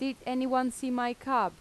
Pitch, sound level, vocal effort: 255 Hz, 87 dB SPL, normal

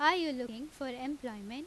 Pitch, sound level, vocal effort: 270 Hz, 91 dB SPL, very loud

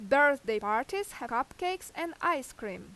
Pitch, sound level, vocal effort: 320 Hz, 90 dB SPL, very loud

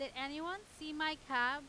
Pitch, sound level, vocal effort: 300 Hz, 98 dB SPL, very loud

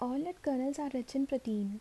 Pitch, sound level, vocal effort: 270 Hz, 74 dB SPL, soft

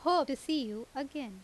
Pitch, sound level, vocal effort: 275 Hz, 88 dB SPL, loud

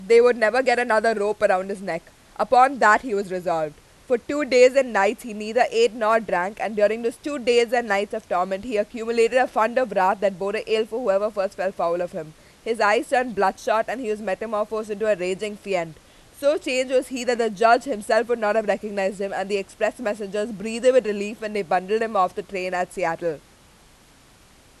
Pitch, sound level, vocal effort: 210 Hz, 96 dB SPL, very loud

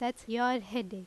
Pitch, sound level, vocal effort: 240 Hz, 86 dB SPL, very loud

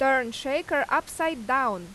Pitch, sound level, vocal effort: 270 Hz, 91 dB SPL, very loud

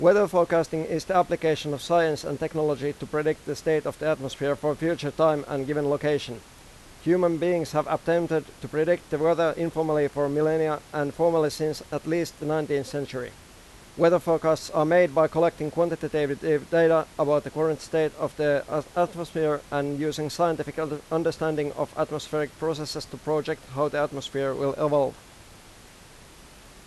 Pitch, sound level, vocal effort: 155 Hz, 92 dB SPL, loud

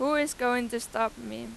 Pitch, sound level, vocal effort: 235 Hz, 93 dB SPL, very loud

